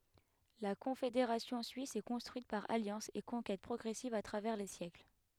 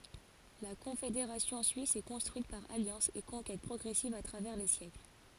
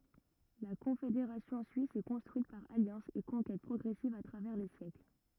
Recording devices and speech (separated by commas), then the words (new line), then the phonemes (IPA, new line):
headset microphone, forehead accelerometer, rigid in-ear microphone, read sentence
La Confédération suisse s'est construite par alliances et conquêtes progressives à travers les siècles.
la kɔ̃fedeʁasjɔ̃ syis sɛ kɔ̃stʁyit paʁ aljɑ̃sz e kɔ̃kɛt pʁɔɡʁɛsivz a tʁavɛʁ le sjɛkl